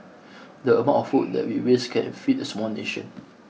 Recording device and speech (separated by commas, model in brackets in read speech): mobile phone (iPhone 6), read sentence